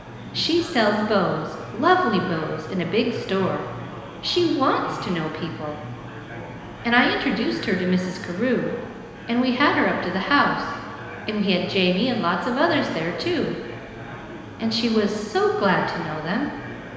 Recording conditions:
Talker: one person; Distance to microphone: 1.7 m; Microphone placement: close; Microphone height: 1.0 m; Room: very reverberant, large; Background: babble

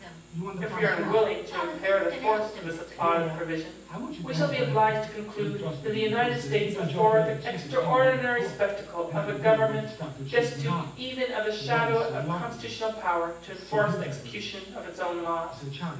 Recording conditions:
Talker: one person; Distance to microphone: 9.8 m; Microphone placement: far; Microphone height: 1.8 m; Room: large; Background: television

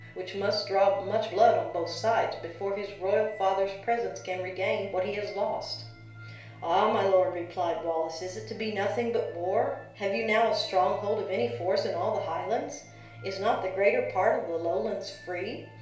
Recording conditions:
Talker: one person; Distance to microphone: 1.0 m; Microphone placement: close; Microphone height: 1.1 m; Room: small (3.7 m by 2.7 m); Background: music

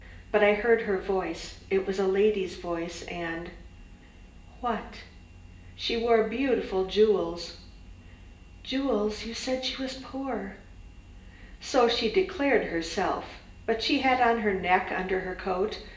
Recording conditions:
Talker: one person; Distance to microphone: 1.8 m; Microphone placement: close; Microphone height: 1.0 m; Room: large; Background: none

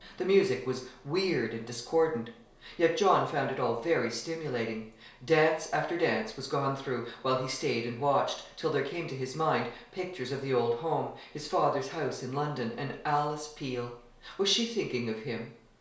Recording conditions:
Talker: one person; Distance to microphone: 1.0 m; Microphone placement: close; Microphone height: 1.1 m; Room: small (3.7 m by 2.7 m); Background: none

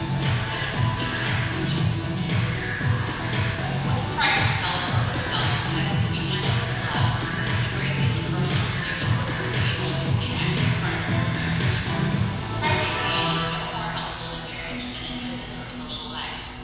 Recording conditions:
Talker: one person; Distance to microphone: 7.1 m; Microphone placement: far; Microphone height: 1.7 m; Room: very reverberant, large; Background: music

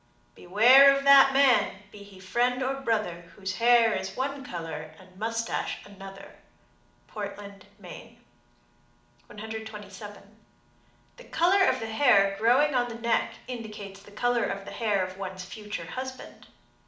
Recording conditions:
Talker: one person; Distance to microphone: 2.0 m; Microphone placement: close; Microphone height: 99 cm; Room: medium-sized (5.7 m by 4.0 m); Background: none

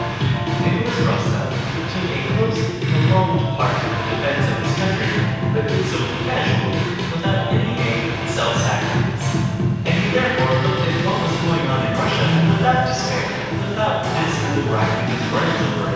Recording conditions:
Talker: one person; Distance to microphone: 7.1 m; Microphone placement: far; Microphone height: 1.7 m; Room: very reverberant, large; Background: music

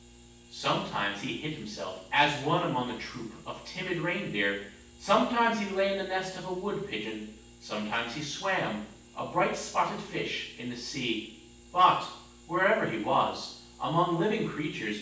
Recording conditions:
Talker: one person; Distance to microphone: 9.8 m; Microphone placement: far; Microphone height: 1.8 m; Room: large; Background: none

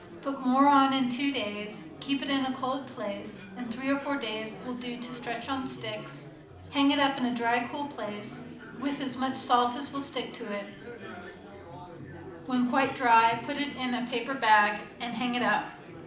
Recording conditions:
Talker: one person; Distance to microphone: 2.0 m; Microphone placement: close; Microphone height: 99 cm; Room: medium-sized (5.7 m by 4.0 m); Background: babble

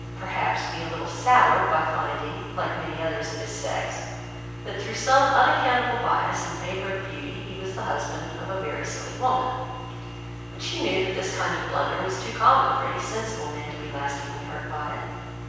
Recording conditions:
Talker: one person; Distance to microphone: 7.1 m; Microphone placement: far; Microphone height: 1.7 m; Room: very reverberant, large; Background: none

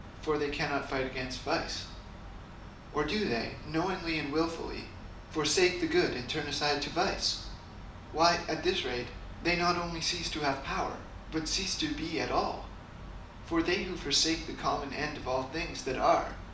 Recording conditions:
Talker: one person; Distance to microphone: 2.0 m; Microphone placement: close; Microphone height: 99 cm; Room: medium-sized (5.7 m by 4.0 m); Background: none

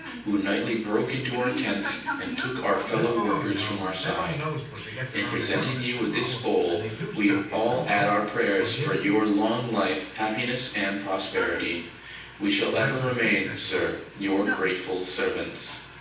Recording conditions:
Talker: one person; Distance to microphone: 9.8 m; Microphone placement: far; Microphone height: 1.8 m; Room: large; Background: television

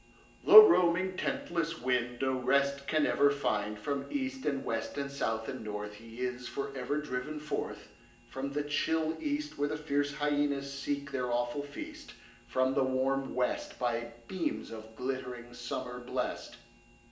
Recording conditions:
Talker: one person; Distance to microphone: 1.8 m; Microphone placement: close; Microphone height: 1.0 m; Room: large; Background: none

